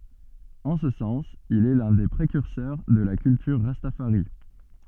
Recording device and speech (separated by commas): soft in-ear microphone, read sentence